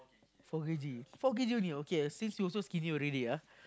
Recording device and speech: close-talking microphone, conversation in the same room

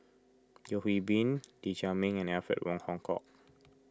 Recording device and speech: close-talking microphone (WH20), read sentence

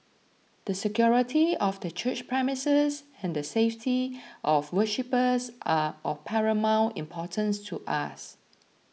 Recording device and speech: mobile phone (iPhone 6), read sentence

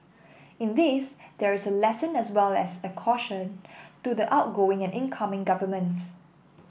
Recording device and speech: boundary microphone (BM630), read sentence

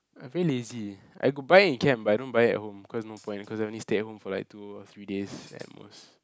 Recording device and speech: close-talking microphone, conversation in the same room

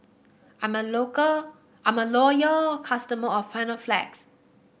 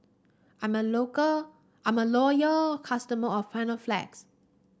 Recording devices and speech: boundary microphone (BM630), standing microphone (AKG C214), read sentence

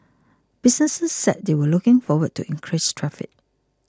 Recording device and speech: close-talking microphone (WH20), read sentence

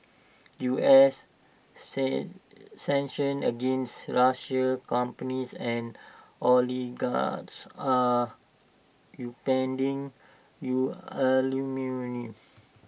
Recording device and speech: boundary microphone (BM630), read sentence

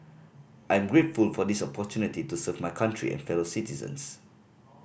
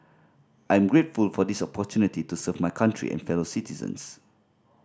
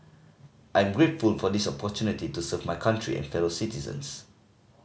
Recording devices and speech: boundary microphone (BM630), standing microphone (AKG C214), mobile phone (Samsung C5010), read sentence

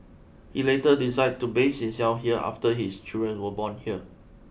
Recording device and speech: boundary microphone (BM630), read sentence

